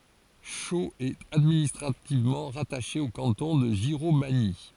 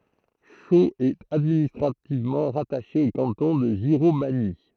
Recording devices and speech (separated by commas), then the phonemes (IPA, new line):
forehead accelerometer, throat microphone, read sentence
ʃoz ɛt administʁativmɑ̃ ʁataʃe o kɑ̃tɔ̃ də ʒiʁomaɲi